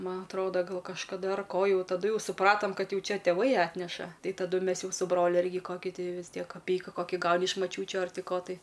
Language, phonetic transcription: Lithuanian, ˈman atˈroda ˈgal kažkaˈda ar ˈko ˈjau taˈduˈ jau suˈpratam ˈkad ˈjau ˈčia tėˈvai ˈatneša ˈtai taˈdu ˈmes ˈjau su ˈbroliu ˈirgi ˈkoki ˈtai vis ˈtiek kaˈpeika ˈkoki ˈgauni iš maˈčiūčiu ar ˈti ˈko tai

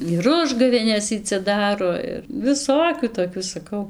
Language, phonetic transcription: Lithuanian, ir ˈužgavėnes ˈy cia ˈdaro ir viˈsokių toˈkių saˈkau

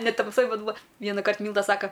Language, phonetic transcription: Lithuanian, ne tamˈsoj ˈbet ˈbūa ˈvienakart ˈmylda ˈsaka

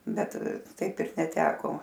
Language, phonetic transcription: Lithuanian, ˈbet ˈtaip ir neˈteko

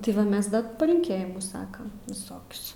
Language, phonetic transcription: Lithuanian, ti ˈva ˈmes ˈda palinˈkėjimus ˈsakam viˈsokius

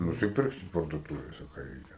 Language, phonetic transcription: Lithuanian, nusiˈpirksit parduoˈtūvėse ˈką ˈreikia

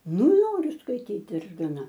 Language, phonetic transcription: Lithuanian, ˈnoriu skaiˈtyt ir gaˈna

